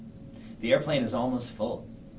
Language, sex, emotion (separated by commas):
English, male, neutral